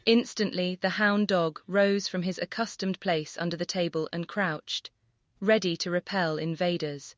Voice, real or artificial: artificial